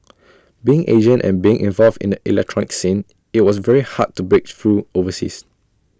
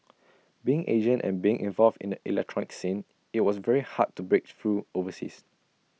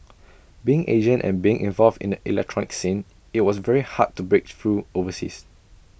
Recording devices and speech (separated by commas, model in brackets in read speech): standing microphone (AKG C214), mobile phone (iPhone 6), boundary microphone (BM630), read sentence